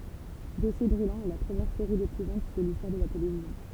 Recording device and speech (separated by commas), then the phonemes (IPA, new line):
temple vibration pickup, read sentence
dɔsje bʁylɑ̃z ɛ la pʁəmjɛʁ seʁi depuvɑ̃t də listwaʁ də la televizjɔ̃